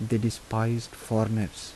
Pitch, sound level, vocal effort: 110 Hz, 77 dB SPL, soft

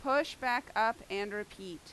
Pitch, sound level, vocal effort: 215 Hz, 91 dB SPL, very loud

